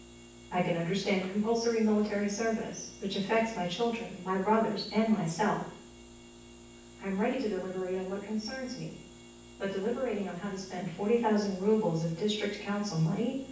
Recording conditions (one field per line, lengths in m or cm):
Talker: one person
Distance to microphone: 9.8 m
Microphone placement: far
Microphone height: 1.8 m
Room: large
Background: none